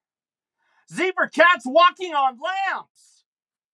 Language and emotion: English, surprised